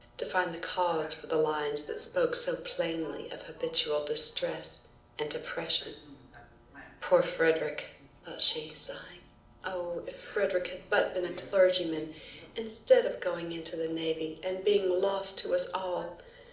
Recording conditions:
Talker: one person; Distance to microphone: 2.0 m; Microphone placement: close; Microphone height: 99 cm; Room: medium-sized (5.7 m by 4.0 m); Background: television

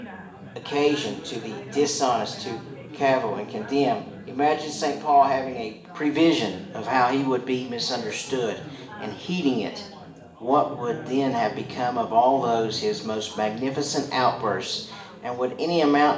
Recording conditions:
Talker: one person; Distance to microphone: 1.8 m; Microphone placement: close; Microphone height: 1.0 m; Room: large; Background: babble

